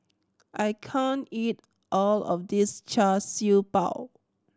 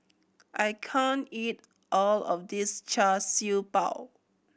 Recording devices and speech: standing microphone (AKG C214), boundary microphone (BM630), read sentence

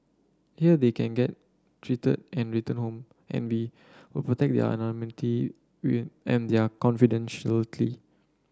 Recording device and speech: standing microphone (AKG C214), read sentence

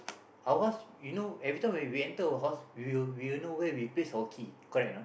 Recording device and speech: boundary microphone, conversation in the same room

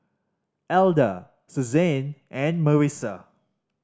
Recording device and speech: standing microphone (AKG C214), read sentence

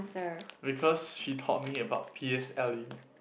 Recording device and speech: boundary microphone, conversation in the same room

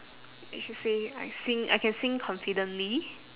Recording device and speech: telephone, conversation in separate rooms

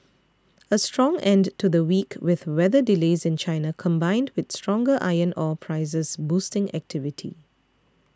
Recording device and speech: standing microphone (AKG C214), read sentence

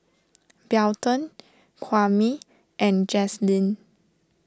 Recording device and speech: standing microphone (AKG C214), read sentence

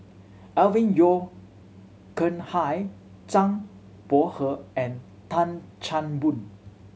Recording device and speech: mobile phone (Samsung C7100), read sentence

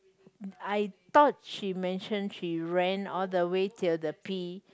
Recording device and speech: close-talking microphone, conversation in the same room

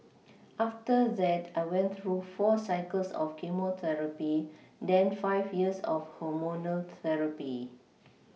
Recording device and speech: mobile phone (iPhone 6), read sentence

